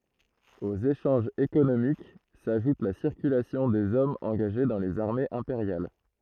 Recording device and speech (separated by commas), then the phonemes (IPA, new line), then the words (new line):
throat microphone, read sentence
oz eʃɑ̃ʒz ekonomik saʒut la siʁkylasjɔ̃ dez ɔmz ɑ̃ɡaʒe dɑ̃ lez aʁmez ɛ̃peʁjal
Aux échanges économiques s'ajoute la circulation des hommes engagés dans les armées impériales.